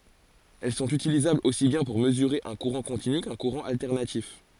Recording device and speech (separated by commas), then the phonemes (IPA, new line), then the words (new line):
forehead accelerometer, read sentence
ɛl sɔ̃t ytilizablz osi bjɛ̃ puʁ məzyʁe œ̃ kuʁɑ̃ kɔ̃tiny kœ̃ kuʁɑ̃ altɛʁnatif
Elles sont utilisables aussi bien pour mesurer un courant continu qu'un courant alternatif.